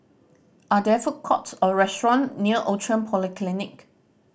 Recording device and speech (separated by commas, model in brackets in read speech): boundary microphone (BM630), read sentence